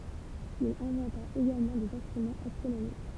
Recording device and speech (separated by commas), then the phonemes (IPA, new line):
temple vibration pickup, read sentence
il ɛ̃vɑ̃ta eɡalmɑ̃ dez ɛ̃stʁymɑ̃z astʁonomik